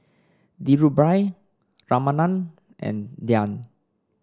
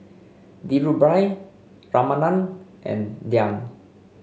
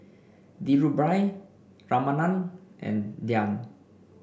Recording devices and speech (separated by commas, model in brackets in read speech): standing microphone (AKG C214), mobile phone (Samsung C5), boundary microphone (BM630), read sentence